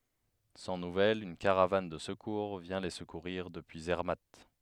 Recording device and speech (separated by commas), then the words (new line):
headset microphone, read sentence
Sans nouvelles, une caravane de secours vient les secourir depuis Zermatt.